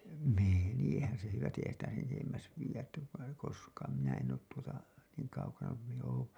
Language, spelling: Finnish, menihän se hyvästi eihän sitä sen edemmäs viedä että koskaan minä en ole tuota niin kaukana kuin minä olen ollut
- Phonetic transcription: 'menìhän se 'hyvästi 'eihän sitä sen etemmäs viiʲät ‿tä , koskaan , minä en oot tuota , niiŋ kaukana ku min ‿ooo̰ ‿ol(lu) .

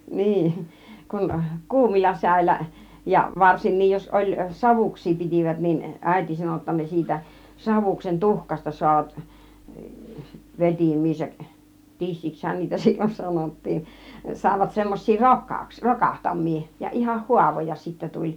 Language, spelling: Finnish, niin kun kuumilla säillä ja varsinkin jos oli savuksia pitivät niin äiti sanoi jotta ne siitä savuksen tuhkasta saavat vetimiinsä tissiksihän niitä silloin sanottiin saivat semmoisia - rokahtamia ja ihan haavoja sitten tuli
- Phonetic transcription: 'niin , 'kun , 'kuumilla 'sä̀illä , ja 'varsinniij jos 'oĺ "savuks̆sii 'pitìvät nin , "ä̀iti sano otta ne 'siitä , 'savuksen "tuhkasta 'soavat , "vetimiisäk , "tissikshän niitä 'sil͕l͕on 'sanottiin , 'sài̬vat semmoś̆sii 'rokkauks- , "rokahtam̆mii , ja 'ihah "huavoja sittä 'tuĺ .

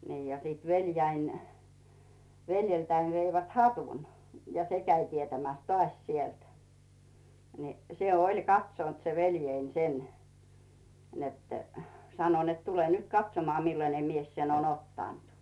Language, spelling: Finnish, niin ja sitten veljeni veljeltäni veivät hatun ja se kävi tietämässä taas sieltä niin se oli katsonut se veljeni sen että sanoi että tule nyt katsomaan millainen mies sen on ottanut
- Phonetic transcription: nii ja siit 'veljäin , 'veljeltäin veivät "hatun , ja 'se käi tietämä̀s "tᵒàś 'sielt , ni se "oĺ 'katsont se 'velje̳in 'sen , net , 'sano net » 'tule nyt "katsomoa 'millane mies sen ‿on ‿'ottànt « .

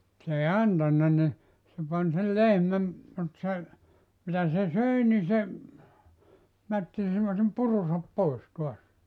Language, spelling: Finnish, se ei antanut niin se pani sen lehmän mutta se mitä se söi niin se mätti semmoisen purunsa pois taas
- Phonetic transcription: 's ‿ei "antanna ni , se 'pan sel 'lehmäm , mut se , 'mitä se "söi ni se , 'mätti (semmosem) 'purusap "pois tuas .

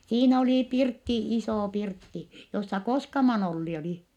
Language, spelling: Finnish, siinä oli pirtti iso pirtti jossa Koskaman Olli oli
- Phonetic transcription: siin ‿olì pirtti isò pirtti , jossa Koskaman ‿Olli oli .

